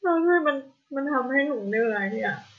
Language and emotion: Thai, sad